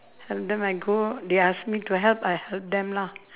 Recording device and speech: telephone, conversation in separate rooms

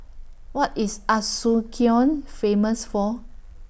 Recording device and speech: boundary microphone (BM630), read sentence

